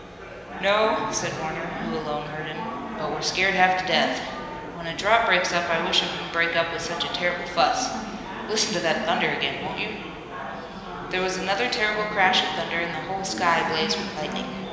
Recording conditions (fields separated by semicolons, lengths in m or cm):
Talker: one person; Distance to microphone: 1.7 m; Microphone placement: close; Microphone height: 1.0 m; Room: very reverberant, large; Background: babble